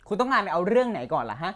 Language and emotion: Thai, angry